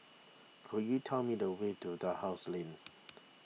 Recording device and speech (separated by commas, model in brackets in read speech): mobile phone (iPhone 6), read sentence